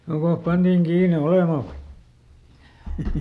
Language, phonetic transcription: Finnish, ˈjokoh ˈpantiiŋ ˈkiine "olemà vai ?
- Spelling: joko pantiin kiinni olemaan vai

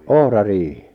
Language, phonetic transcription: Finnish, 'ohra'riihɪ .
- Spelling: ohrariihi

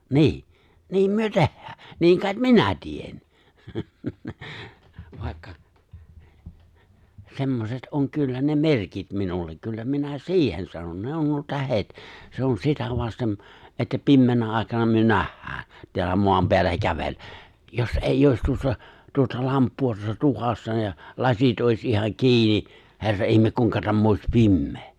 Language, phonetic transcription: Finnish, nii , 'niim 'myö "tehhää , 'niiŋ kài̬t "minä 'tien , 'vài̬kka , 'semmoset '’oŋ 'kyllä ne 'merkit 'minullek 'kyllä minä "si̬ihen 'sanon 'ne on nuo 'tähet , 'se on 'sitä vastem , että 'pimmeenä 'ài̬kana myö 'nähhää , teällä 'moam 'peällä 'kävel(lä) , jos '’èij ‿òis 'tuossa , tuota 'lamppu₍a tuossa (tukassa) ja , 'lasit ’òis 'ihan 'ki̬ini , 'he̬rra ’ihme 'kuiŋka tämm ‿òis "pimmee !
- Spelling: niin niin me tehdään niin kai minä teen vaikka semmoiset on kyllä ne merkit minulle kyllä minä siihen sanon ne on nuo tähdet se on sitä vasten että pimeänä aikana me nähdään täällä maan päällä kävellä jos ei olisi tuossa tuota lamppua tuossa tukassa ja lasit olisi ihan kiinni herra ihme kuinka tämä olisi pimeä

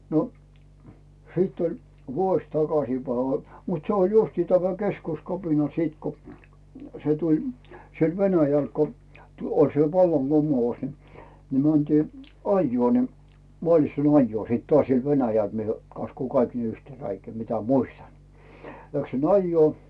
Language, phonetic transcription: Finnish, 'no , 'siit oĺ , "vuoś 'takasìpäi , mut se oĺ 'justi 'tämä "keskuskapina 'siit ko , se tuĺ , 'siel "Venäjäl ko , tu- , oĺ se 'vallaŋGum̀ous ni , ni 'mäntii , "ajjᵘò ni , mᵒàslitsan "ajjuò sìt toàś siel 'Venäjäl , mie kaskuu "kaik 'yhtee 'räikää mitä 'muistan , 'läksin ‿'ajjuò .
- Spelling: no sitten oli vuosi takaisinpäin mutta se oli justiin tämä keskuskapina sitten kun se tuli siellä Venäjällä kun - oli se vallankumous niin niin mentiin ajoon niin maaslitsan ajoon sitten taas siellä Venäjällä minä kaskuan kaikki yhteen räikään mitä muistan läksin ajoon

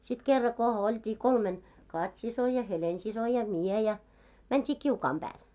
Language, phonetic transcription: Finnish, sit 'kerra ko , olt́ii 'kolmen , "Kat́'siso ja "Helen'siso ja "mie ja , 'mänt́i "kiukaam 'ʙääl .
- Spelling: sitten kerran kun oltiin kolmen Kati-sisko ja Helena-sisko ja minä ja mentiin kiukaan päälle

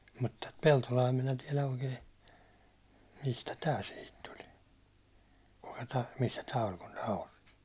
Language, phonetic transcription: Finnish, mut tät 'Peltolaa minä 'tiɛlä 'oikee , mistä "tää sihit 'tuli , kukᴀ tᴀ̈ , missä 'tä oĺ kun nää ost- .
- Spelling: mutta tätä Peltolaa minä tiedä oikein mistä tämä siihen tuli kuka tämä missä tämä oli kun nämä -

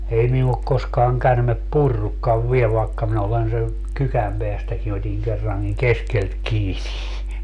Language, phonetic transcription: Finnish, 'ei minu ok 'koskaaŋ 'kärmep "purrukkav "viel vaekka minä olen se , 'kykäm peästäkin ‿ot́iŋ 'kerraŋkiŋ "keskelt 'kiini .
- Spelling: ei minua ole koskaan käärme purrutkaan vielä vaikka minä olen se kykän päästäkin otin kerrankin keskeltä kiinni

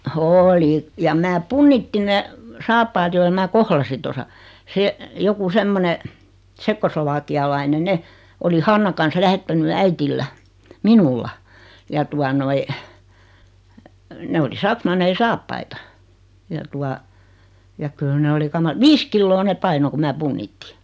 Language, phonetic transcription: Finnish, oo"li , jam 'mää "punnittiⁿ 'ne , 'saappaat joila mää 'kohlasin̬ tosa , se , 'joku "semmone , 'tsekkoslo-vaaki₍alainen 'ne , oli 'Hanna kan̬s 'lähettäny 'äitillä , "minulla , ja tua noi , 'ne oli 'saksmannei 'saappaita , ja 'tua , ja 'kyl ne 'oli "kama- "viis killoo neᵖ 'paino ku 'mää "punnitti .
- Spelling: oli ja minä punnitsin ne saappaat joilla minä kohlasin tuossa se joku semmoinen tsekkoslovakialainen ne oli Hanna kanssa lähettänyt äidillä minulla ja tuota noin ne oli saksmanneja saappaita ja tuota ja kyllä ne oli - viisi kiloa ne painoi kun minä punnitsin

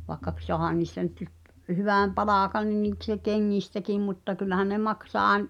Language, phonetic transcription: Finnish, và[i]kka k- , soăhan̆ nìstä nyt (ʸᵖˉ) , 'hyvä̀m "palàkan niⁿ nìkse 'keŋŋistäkim mutta 'kyllähän ne 'maksaa aen- ,.
- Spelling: vaikka - saahan niistä nyt - hyvän palkan niin niikseen kengistäkin mutta kyllähän ne maksaa -

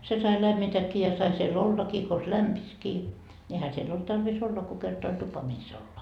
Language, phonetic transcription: Finnish, 'se sai 'lämmitäkki ja sai siel "ollakii kons "lämpiskii , ńi ehä siell ‿olt 'tarvis "olla ko kerta oĺ tupa mis ‿olla .
- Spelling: se sai lämmitäkin ja sai siellä ollakin konsa lämpisikin niin eihän siellä ollut tarvis olla kun kerta oli tupa missä olla

